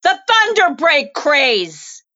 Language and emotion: English, neutral